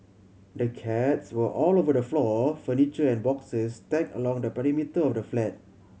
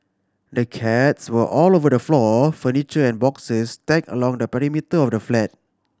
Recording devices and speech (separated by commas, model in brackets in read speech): mobile phone (Samsung C7100), standing microphone (AKG C214), read sentence